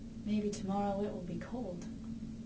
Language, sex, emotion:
English
female
neutral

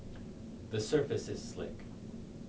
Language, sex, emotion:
English
male
neutral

